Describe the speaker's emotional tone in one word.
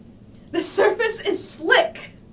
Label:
fearful